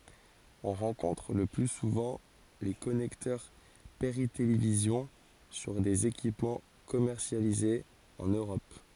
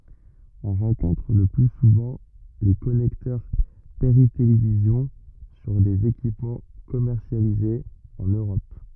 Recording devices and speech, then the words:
forehead accelerometer, rigid in-ear microphone, read sentence
On rencontre le plus souvent les connecteurs Péritélévision sur des équipements commercialisés en Europe.

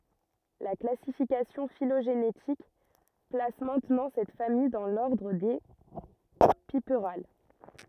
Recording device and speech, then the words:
rigid in-ear microphone, read sentence
La classification phylogénétique place maintenant cette famille dans l'ordre des Piperales.

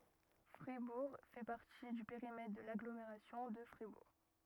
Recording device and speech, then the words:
rigid in-ear microphone, read sentence
Fribourg fait partie du périmètre de l'Agglomération de Fribourg.

